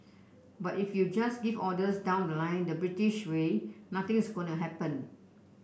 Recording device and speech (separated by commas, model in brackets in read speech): boundary microphone (BM630), read sentence